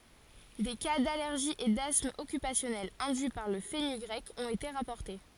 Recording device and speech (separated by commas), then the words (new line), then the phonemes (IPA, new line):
forehead accelerometer, read sentence
Des cas d'allergie et d'asthme occupationnel induits par le fenugrec ont été rapportés.
de ka dalɛʁʒi e dasm ɔkypasjɔnɛl ɛ̃dyi paʁ lə fənyɡʁɛk ɔ̃t ete ʁapɔʁte